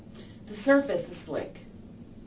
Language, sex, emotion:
English
female
neutral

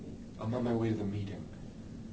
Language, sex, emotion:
English
male
neutral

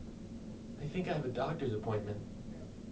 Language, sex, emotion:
English
male
neutral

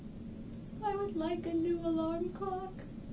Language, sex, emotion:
English
female
sad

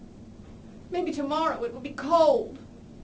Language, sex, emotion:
English
female
sad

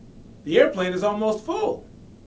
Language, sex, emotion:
English
male
happy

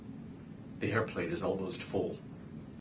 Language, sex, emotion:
English
male
neutral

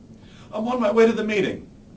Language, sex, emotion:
English
male
neutral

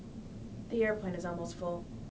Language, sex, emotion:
English
female
neutral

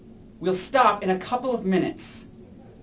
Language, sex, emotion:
English
male
angry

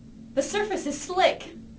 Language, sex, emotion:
English
female
fearful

